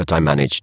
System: VC, spectral filtering